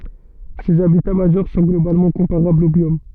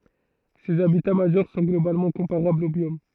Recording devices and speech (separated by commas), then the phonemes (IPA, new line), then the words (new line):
soft in-ear microphone, throat microphone, read sentence
sez abita maʒœʁ sɔ̃ ɡlobalmɑ̃ kɔ̃paʁablz o bjom
Ces habitats majeurs sont globalement comparables aux biomes.